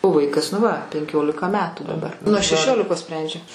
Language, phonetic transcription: Lithuanian, o ˈvaikas nu ˈva penˈkiolika ˈmetų daˈbar nuo šeˈšiolikos ˈsprendžia

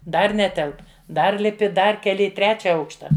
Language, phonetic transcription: Lithuanian, ˈdar ˈnetelp ˈdar liˈpi ˈdar keˈli i ˈtrečia ˈaukšta

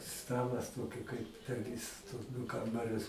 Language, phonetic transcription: Lithuanian, ˈstalas ˈtoki kaip per ˈvis tuos ˈdu ˈkambarius

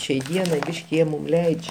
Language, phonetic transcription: Lithuanian, šiai ˈdienai ˈbyški ˈjie mum ˈleidž'

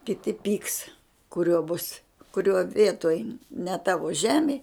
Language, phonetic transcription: Lithuanian, kiˈti pyks kuˈrio bus kuˈrio ˈvietoj ne ˈtavo ˈžemė

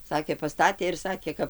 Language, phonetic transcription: Lithuanian, ˈsakė paˈstatė ir ˈsakė ˈkap

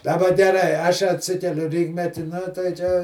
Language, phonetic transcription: Lithuanian, daˈba geˈrai ˈaš atˈsikeliu ˈrykmeti ˈnu tai čia

